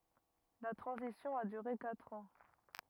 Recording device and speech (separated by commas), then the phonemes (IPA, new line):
rigid in-ear microphone, read sentence
la tʁɑ̃zisjɔ̃ a dyʁe katʁ ɑ̃